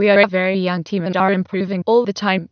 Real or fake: fake